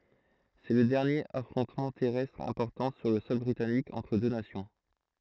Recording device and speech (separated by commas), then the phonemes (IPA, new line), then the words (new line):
throat microphone, read sentence
sɛ lə dɛʁnjeʁ afʁɔ̃tmɑ̃ tɛʁɛstʁ ɛ̃pɔʁtɑ̃ syʁ lə sɔl bʁitanik ɑ̃tʁ dø nasjɔ̃
C’est le dernier affrontement terrestre important sur le sol britannique entre deux nations.